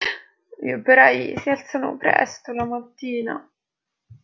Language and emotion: Italian, sad